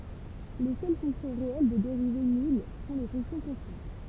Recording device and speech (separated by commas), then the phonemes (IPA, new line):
temple vibration pickup, read sentence
le sœl fɔ̃ksjɔ̃ ʁeɛl də deʁive nyl sɔ̃ le fɔ̃ksjɔ̃ kɔ̃stɑ̃t